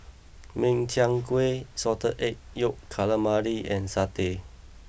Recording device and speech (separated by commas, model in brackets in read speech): boundary microphone (BM630), read sentence